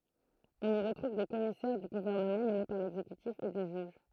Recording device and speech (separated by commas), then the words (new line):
throat microphone, read sentence
On y retrouve des commissaires du gouvernement nommés par l'exécutif et des juges.